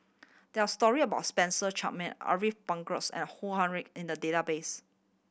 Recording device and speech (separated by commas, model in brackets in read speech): boundary microphone (BM630), read sentence